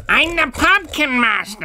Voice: creepy voice